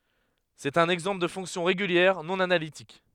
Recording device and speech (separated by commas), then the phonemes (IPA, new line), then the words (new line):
headset microphone, read sentence
sɛt œ̃n ɛɡzɑ̃pl də fɔ̃ksjɔ̃ ʁeɡyljɛʁ nɔ̃ analitik
C'est un exemple de fonction régulière non analytique.